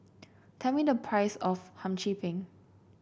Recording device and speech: boundary microphone (BM630), read sentence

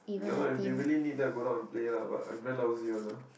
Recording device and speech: boundary microphone, conversation in the same room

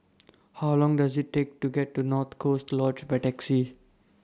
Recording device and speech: standing microphone (AKG C214), read sentence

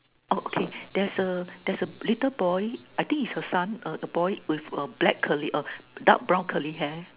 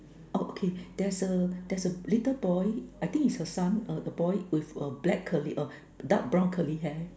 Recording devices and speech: telephone, standing microphone, conversation in separate rooms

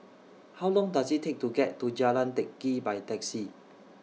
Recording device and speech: mobile phone (iPhone 6), read sentence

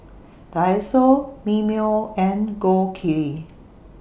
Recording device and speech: boundary microphone (BM630), read sentence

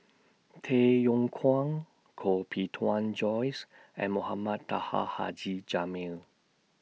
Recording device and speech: mobile phone (iPhone 6), read sentence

